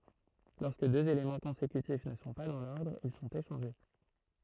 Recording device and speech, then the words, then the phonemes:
throat microphone, read sentence
Lorsque deux éléments consécutifs ne sont pas dans l'ordre, ils sont échangés.
lɔʁskə døz elemɑ̃ kɔ̃sekytif nə sɔ̃ pa dɑ̃ lɔʁdʁ il sɔ̃t eʃɑ̃ʒe

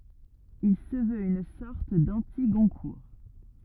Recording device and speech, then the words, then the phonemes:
rigid in-ear microphone, read sentence
Il se veut une sorte d'anti-Goncourt.
il sə vøt yn sɔʁt dɑ̃tiɡɔ̃kuʁ

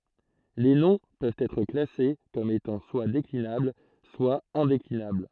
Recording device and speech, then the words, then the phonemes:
throat microphone, read sentence
Les noms peuvent être classés comme étant soit déclinables soit indéclinables.
le nɔ̃ pøvt ɛtʁ klase kɔm etɑ̃ swa deklinabl swa ɛ̃deklinabl

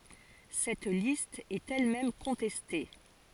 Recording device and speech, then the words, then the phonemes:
forehead accelerometer, read sentence
Cette liste est elle-même contestée.
sɛt list ɛt ɛl mɛm kɔ̃tɛste

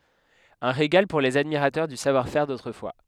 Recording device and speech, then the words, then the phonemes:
headset microphone, read sentence
Un régal pour les admirateurs du savoir-faire d'autrefois.
œ̃ ʁeɡal puʁ lez admiʁatœʁ dy savwaʁfɛʁ dotʁəfwa

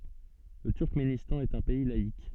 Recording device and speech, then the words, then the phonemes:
soft in-ear microphone, read sentence
Le Turkménistan est un pays laïc.
lə tyʁkmenistɑ̃ ɛt œ̃ pɛi laik

